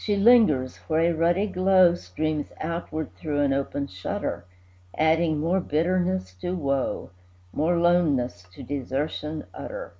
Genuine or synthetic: genuine